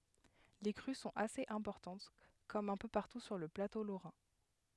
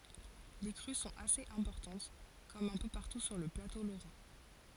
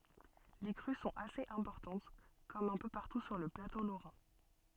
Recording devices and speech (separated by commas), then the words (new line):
headset microphone, forehead accelerometer, soft in-ear microphone, read sentence
Les crues sont assez importantes comme un peu partout sur le plateau lorrain.